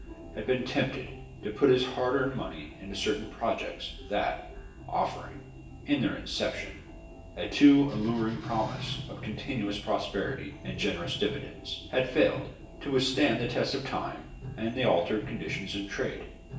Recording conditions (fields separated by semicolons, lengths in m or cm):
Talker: one person; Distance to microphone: 1.8 m; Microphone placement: close; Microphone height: 1.0 m; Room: large; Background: music